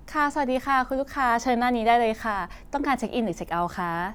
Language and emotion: Thai, neutral